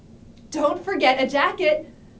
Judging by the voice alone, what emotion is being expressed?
neutral